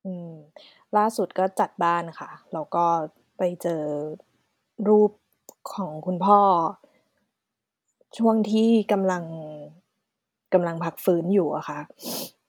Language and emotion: Thai, sad